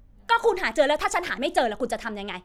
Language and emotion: Thai, angry